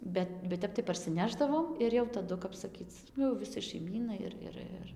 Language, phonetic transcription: Lithuanian, ˈbet bet ˈtep tai parˈsinešdavom ˈir jau taˈdu kap saˈkyc ˈnu jau viˈsai šaiˈmynai ir ˈir ˈir

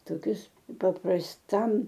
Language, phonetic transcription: Lithuanian, toˈkius paprasˈtam

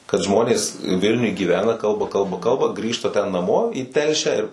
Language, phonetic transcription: Lithuanian, kad ˈžmonės ˈvilniuj gyˈvena ˈkalba ˈkalba ˈkalba ˈgrįžta ten naˈmo į ˈtelšiā ir

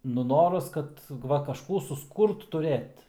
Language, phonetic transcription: Lithuanian, nu ˈnoras ˈkad ˈva kažˈkų susˈkūrt tuˈrėt

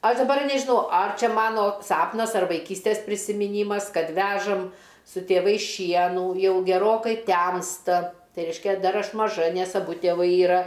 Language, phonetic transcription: Lithuanian, ˈaš daˈbar nežiˈnau ar ˈčia ˈmano ˈsapnas ar vaiˈkystės prisimiˈnymas ˈkad ˈvežam su tėˈvais ˈšienų ˈjau geˈrokai ˈtemsta ˈtai ˈreiškia ˈdar ˈaš maˈža ˈnes aˈbu tėˈvai yˈra

